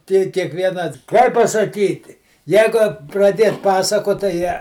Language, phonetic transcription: Lithuanian, ˈty kiekˈviena ˈkaip pasaˈkyti ˈjeigu praˈdiet ˈpasakot tai ˈje

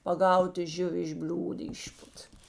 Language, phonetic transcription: Lithuanian, paˈgauta ˈžiuvi iš ˈbliūd ˈišput

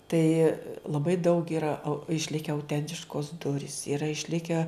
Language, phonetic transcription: Lithuanian, ˈtai laˈbai daug iˈra au išˈlike auˈtentiškos ˈdurys iˈra išˈlike

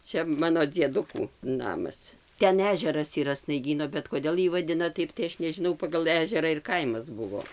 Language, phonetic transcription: Lithuanian, ˈčia ˈmano dzieˈdukų ˈnamas ˈten ˈežeras yˈra snaiˈgyno bet koˈdėl ˈjį vaˈdina ˈtaip tai ˈaš nežiˈnau pagal ˈežera ir ˈkaimas ˈbuvo

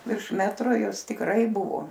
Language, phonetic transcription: Lithuanian, virš ˈmetro ˈjau ˈis tikˈrai ˈbuvo

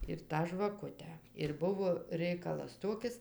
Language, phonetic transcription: Lithuanian, ir ˈtą žvaˈkutę ir ˈbuvo ˈreikalas ˈtokis

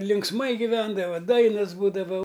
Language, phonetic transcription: Lithuanian, linksˈmai giˈvendava ˈdainas ˈbūdava

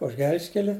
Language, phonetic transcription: Lithuanian, už ˈgel'ž'keli

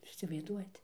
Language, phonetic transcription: Lithuanian, ˈjūs įsivaizˈduojat

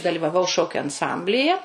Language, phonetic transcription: Lithuanian, dalivaˈvau ˈšokiu anˈsamblije

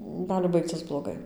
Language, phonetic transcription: Lithuanian, ˈgali ˈbaigcis bloˈgai

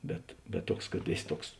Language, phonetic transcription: Lithuanian, ˈbet bet ˈtuoks kad ˈėˌsi ˈtuoks

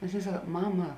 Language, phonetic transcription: Lithuanian, nes ˈaˌnėi ˈsak ˈmama

